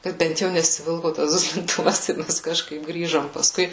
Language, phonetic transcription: Lithuanian, ˈkad ˈbent jau nesiˈvilko tas duslinˈtuvas i ˈmes kažˈkaip ˈgrįžom pasˈkui

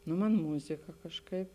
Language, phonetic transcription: Lithuanian, ˈnu ˈman ˈmuzika kažˈkaip

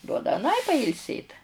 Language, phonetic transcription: Lithuanian, ˈduoda aˈnai pailˈsėt

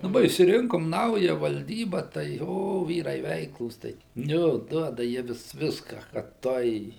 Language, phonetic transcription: Lithuanian, daˈba išsiˈrinkom ˈnauja valˈdyba tai ˈjo ˈvyrai ˈveiklūs ˈtai ˈjo ˈduoda ˈjie vis ˈviska kad ˈtuoj

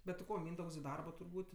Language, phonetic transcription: Lithuanian, bet ti ˈko ˈmyndaugs i ˈdarbo turˈbūt'

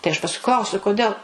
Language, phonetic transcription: Lithuanian, tai aš pasˈkui ˈklausiu kuˈdėl

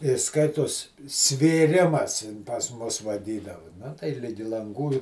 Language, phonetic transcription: Lithuanian, i ˈskaitos svėˈrimas in pas ˈmus vaˈdydavu ˈna tai ˈligi lanˈgų i

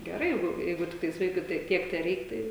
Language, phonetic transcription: Lithuanian, geˈrai ˈjeigu ˈjeigu ˈtiktais ˈvaikui tai ˈtiek teˈreik ˈtai

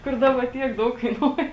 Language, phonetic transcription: Lithuanian, kur ˈdaba ˈtiek ˈdaug kaiˈnuoja

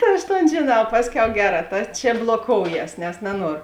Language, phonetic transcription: Lithuanian, ˈta aš ˈton žėˈnau ˈpasˌkiau ˈgeˌrā ˈta č bloˈkouˌjes nes naˈnuoro

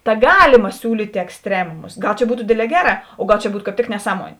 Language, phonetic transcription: Lithuanian, ta ˈgalima ˈsiūlytė eksˈtremumus ˈgal čia ˈbūtu ˈdėdˌlē ˈgeˌrā o ˈgal čia ˈbūt kāp ˈtik neˈsamuonė

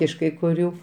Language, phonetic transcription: Lithuanian, iš kai kuˈrių

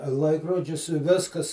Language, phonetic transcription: Lithuanian, ˈlaikrodžius i ˈviskas

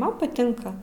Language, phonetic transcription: Lithuanian, ˈman paˈtinka

